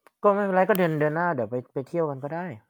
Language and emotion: Thai, neutral